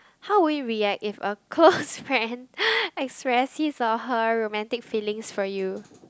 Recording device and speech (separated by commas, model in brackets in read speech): close-talking microphone, conversation in the same room